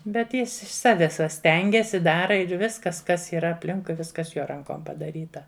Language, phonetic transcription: Lithuanian, bet ˈjis iš ˈsaves va ˈstengias i ˈdara ir ˈviskas ˈkas yˈra apˈlinkui ˈviskas ˈjo ˈrankom padaˈryta

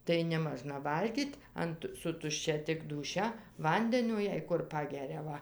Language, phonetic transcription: Lithuanian, tai neˈmažna ˈvalgyt' ant su tušˈčia tik dūˈšia ˈvandenio jei ˈkur ˈpageria ˈva

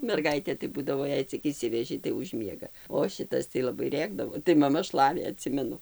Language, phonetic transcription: Lithuanian, merˈgaitė tai ˈbūdavo ˈjei cik išˈsiveži tai užˈ miega o ˈšitas tai laˈbai ˈrėkdavo tai maˈma ˈšlavė aˈtsimenu

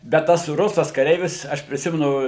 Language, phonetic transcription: Lithuanian, bet ˈtas ˈrusas kaˈreivis ˈaš priˈsimenu

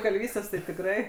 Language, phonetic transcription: Lithuanian, kalˈvystės tai tikˈrai

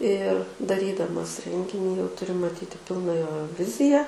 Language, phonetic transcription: Lithuanian, ir daˈrydamas ˈrenginį jau tuˈri maˈtyti ˈpilna ˈjo ˈvizija

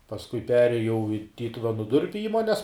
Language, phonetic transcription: Lithuanian, pasˈkui ˈperėjau i ˈtytuvenu ˈdurpiu ˈįmones

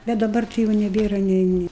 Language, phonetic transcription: Lithuanian, bet daˈbar tai ˈjau neˈbėra nei ˈni

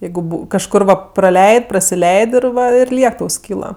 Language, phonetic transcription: Lithuanian, ˈjeigu kažˈkur va praˈleid' prasiˈleid' ir ˈva ir ˈliek ˈtau ˈskyla

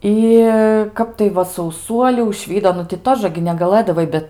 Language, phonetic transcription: Lithuanian, ˈi ˈkap tai ˈva sauˈsuolių užˈvydo ˈnu ti ˈtoža gi negaˈlɘdavai ˈbet

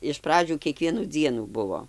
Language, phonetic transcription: Lithuanian, iš ˈpradžių kieˈkvienų ˈdzienų ˈbuvo

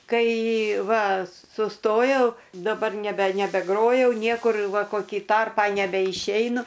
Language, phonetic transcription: Lithuanian, ˈkai ˈva suˈstojau daˈbar neˈbe nebeˈgrojau ˈniekur ˈva koˈkį ˈtarpą nebeišˈeinu

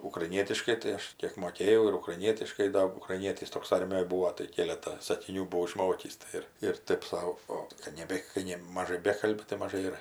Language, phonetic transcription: Lithuanian, ukraiˈnietiškai tai ˈaš ˈkėk moˈkėjau ir ukraiˈnietiškai ˈda ukraiˈnietis ˈtoks ˈarmijoj ˈbūo tai ˈkėletą sakiˈnių buˈvau iˈšmokįs ˈtai ir ir ˈtɜp ˈsau ˈot kad ˈnebe kai ˈne maˈžai ˈbekalbi tai maˈžai ir

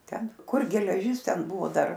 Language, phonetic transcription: Lithuanian, ˈten ˈkur geleˈžis ˈten ˈbuvo ˈdar

